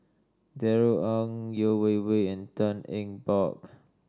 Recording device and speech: standing microphone (AKG C214), read sentence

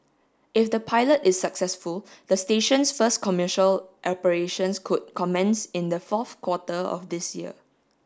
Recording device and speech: standing microphone (AKG C214), read sentence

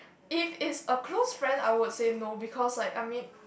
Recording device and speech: boundary microphone, conversation in the same room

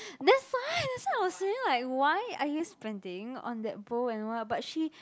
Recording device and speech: close-talking microphone, conversation in the same room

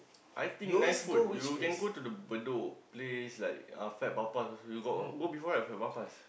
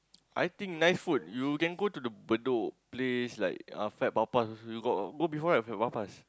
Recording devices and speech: boundary microphone, close-talking microphone, conversation in the same room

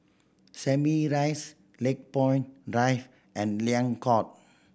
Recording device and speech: boundary microphone (BM630), read sentence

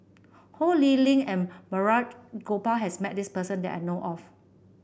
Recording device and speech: boundary microphone (BM630), read sentence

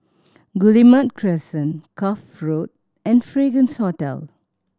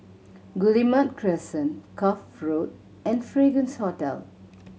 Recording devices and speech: standing microphone (AKG C214), mobile phone (Samsung C7100), read sentence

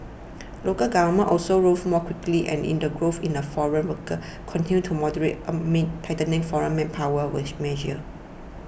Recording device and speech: boundary microphone (BM630), read sentence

